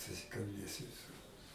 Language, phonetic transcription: Lithuanian, susikalˈbėsi viˈsur

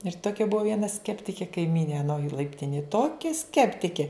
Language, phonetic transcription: Lithuanian, ir ˈtokia ˈbuvo ˈviena ˈskeptike kaiˈmynė ˈanoj laipˈtinėj ˈtokia ˈskeptikė

